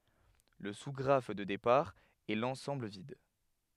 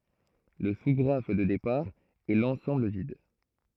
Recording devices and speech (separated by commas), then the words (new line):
headset microphone, throat microphone, read sentence
Le sous-graphe de départ est l'ensemble vide.